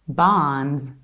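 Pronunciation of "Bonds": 'Bonds' is said in an American accent.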